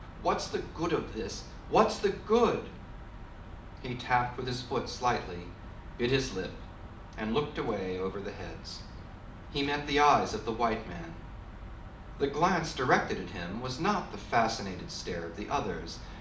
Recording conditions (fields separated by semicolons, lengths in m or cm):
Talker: one person; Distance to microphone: 2.0 m; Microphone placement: close; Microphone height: 99 cm; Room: medium-sized (5.7 m by 4.0 m); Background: none